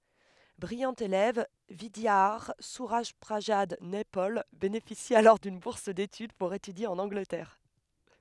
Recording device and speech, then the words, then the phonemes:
headset microphone, read sentence
Brillant élève, Vidiadhar Surajprasad Naipaul bénéficie alors d'une bourse d'étude pour étudier en Angleterre.
bʁijɑ̃ elɛv vidjadaʁ syʁaʒpʁazad nɛpɔl benefisi alɔʁ dyn buʁs detyd puʁ etydje ɑ̃n ɑ̃ɡlətɛʁ

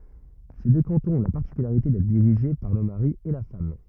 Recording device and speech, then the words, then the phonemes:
rigid in-ear microphone, read sentence
Ces deux cantons ont la particularité d'être dirigés par le mari et la femme.
se dø kɑ̃tɔ̃z ɔ̃ la paʁtikylaʁite dɛtʁ diʁiʒe paʁ lə maʁi e la fam

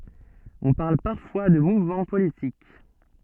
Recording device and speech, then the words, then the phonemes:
soft in-ear microphone, read sentence
On parle parfois de mouvement politique.
ɔ̃ paʁl paʁfwa də muvmɑ̃ politik

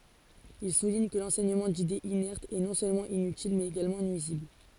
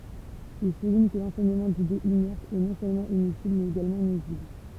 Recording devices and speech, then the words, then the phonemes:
forehead accelerometer, temple vibration pickup, read sentence
Il souligne que l'enseignement d'idées inertes est, non seulement inutile, mais également nuisible.
il suliɲ kə lɑ̃sɛɲəmɑ̃ didez inɛʁtz ɛ nɔ̃ sølmɑ̃ inytil mɛz eɡalmɑ̃ nyizibl

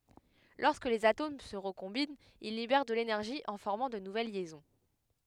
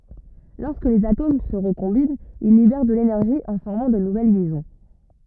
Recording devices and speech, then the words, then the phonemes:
headset microphone, rigid in-ear microphone, read sentence
Lorsque les atomes se recombinent, ils libèrent de l'énergie en formant de nouvelles liaisons.
lɔʁskə lez atom sə ʁəkɔ̃bint il libɛʁ də lenɛʁʒi ɑ̃ fɔʁmɑ̃ də nuvɛl ljɛzɔ̃

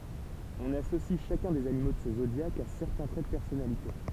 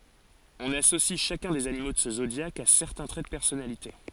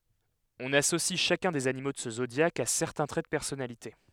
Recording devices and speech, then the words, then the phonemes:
temple vibration pickup, forehead accelerometer, headset microphone, read sentence
On associe chacun des animaux de ce zodiaque à certains traits de personnalité.
ɔ̃n asosi ʃakœ̃ dez animo də sə zodjak a sɛʁtɛ̃ tʁɛ də pɛʁsɔnalite

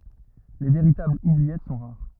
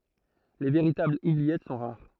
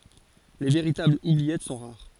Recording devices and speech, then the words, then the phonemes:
rigid in-ear microphone, throat microphone, forehead accelerometer, read sentence
Les véritables oubliettes sont rares.
le veʁitablz ubliɛt sɔ̃ ʁaʁ

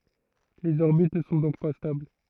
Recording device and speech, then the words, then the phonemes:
throat microphone, read sentence
Les orbites ne sont donc pas stables.
lez ɔʁbit nə sɔ̃ dɔ̃k pa stabl

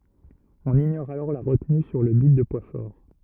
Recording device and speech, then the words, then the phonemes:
rigid in-ear microphone, read sentence
On ignore alors la retenue sur le bit de poids fort.
ɔ̃n iɲɔʁ alɔʁ la ʁətny syʁ lə bit də pwa fɔʁ

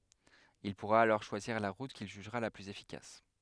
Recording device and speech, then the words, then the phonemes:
headset microphone, read sentence
Il pourra alors choisir la route qu'il jugera la plus efficace.
il puʁa alɔʁ ʃwaziʁ la ʁut kil ʒyʒʁa la plyz efikas

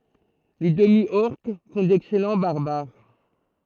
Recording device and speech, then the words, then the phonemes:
throat microphone, read sentence
Les Demi-Orques font d'excellent Barbares.
le dəmi ɔʁk fɔ̃ dɛksɛlɑ̃ baʁbaʁ

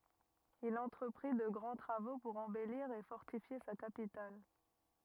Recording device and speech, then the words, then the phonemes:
rigid in-ear microphone, read sentence
Il entreprit de grands travaux pour embellir et fortifier sa capitale.
il ɑ̃tʁəpʁi də ɡʁɑ̃ tʁavo puʁ ɑ̃bɛliʁ e fɔʁtifje sa kapital

